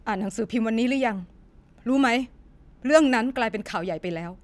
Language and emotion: Thai, angry